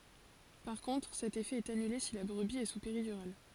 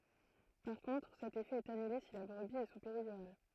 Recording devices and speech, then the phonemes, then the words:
forehead accelerometer, throat microphone, read sentence
paʁ kɔ̃tʁ sɛt efɛ ɛt anyle si la bʁəbi ɛ su peʁidyʁal
Par contre, cet effet est annulé si la brebis est sous péridurale.

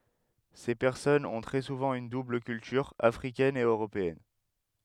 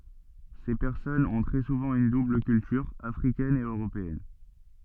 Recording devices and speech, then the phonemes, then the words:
headset microphone, soft in-ear microphone, read sentence
se pɛʁsɔnz ɔ̃ tʁɛ suvɑ̃ yn dubl kyltyʁ afʁikɛn e øʁopeɛn
Ces personnes ont très souvent une double culture, africaine et européenne.

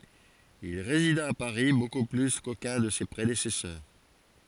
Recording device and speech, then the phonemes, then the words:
forehead accelerometer, read sentence
il ʁezida a paʁi boku ply kokœ̃ də se pʁedesɛsœʁ
Il résida à Paris beaucoup plus qu'aucun de ses prédécesseurs.

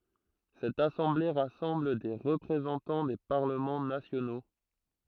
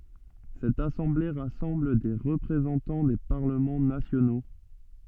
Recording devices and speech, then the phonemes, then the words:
throat microphone, soft in-ear microphone, read sentence
sɛt asɑ̃ble ʁasɑ̃bl de ʁəpʁezɑ̃tɑ̃ de paʁləmɑ̃ nasjono
Cette assemblée rassemble des représentants des parlements nationaux.

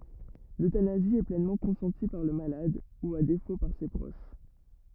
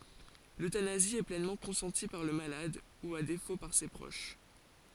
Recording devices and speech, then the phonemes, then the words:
rigid in-ear microphone, forehead accelerometer, read sentence
løtanazi ɛ plɛnmɑ̃ kɔ̃sɑ̃ti paʁ lə malad u a defo paʁ se pʁoʃ
L'euthanasie est pleinement consentie par le malade, ou à défaut par ses proches.

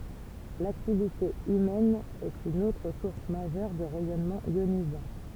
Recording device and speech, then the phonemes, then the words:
temple vibration pickup, read sentence
laktivite ymɛn ɛt yn otʁ suʁs maʒœʁ də ʁɛjɔnmɑ̃z jonizɑ̃
L'activité humaine est une autre source majeure de rayonnements ionisants.

